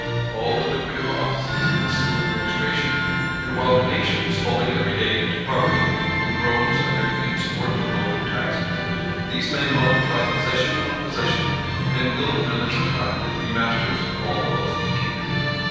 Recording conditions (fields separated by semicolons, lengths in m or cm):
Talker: one person; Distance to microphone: 7.1 m; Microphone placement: far; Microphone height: 1.7 m; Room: very reverberant, large; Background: music